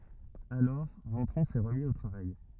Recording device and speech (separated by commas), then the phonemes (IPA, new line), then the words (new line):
rigid in-ear microphone, read sentence
alɔʁ vɑ̃tʁɔ̃ sɛ ʁəmi o tʁavaj
Alors, Ventron s'est remis au travail.